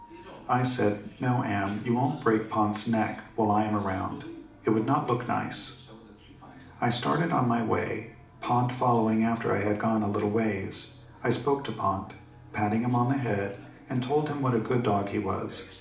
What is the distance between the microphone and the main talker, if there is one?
2.0 m.